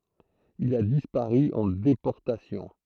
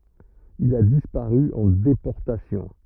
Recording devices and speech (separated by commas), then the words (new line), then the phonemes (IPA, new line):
throat microphone, rigid in-ear microphone, read sentence
Il a disparu en déportation.
il a dispaʁy ɑ̃ depɔʁtasjɔ̃